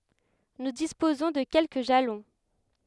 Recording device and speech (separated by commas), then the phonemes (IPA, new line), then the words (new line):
headset microphone, read sentence
nu dispozɔ̃ də kɛlkə ʒalɔ̃
Nous disposons de quelques jalons.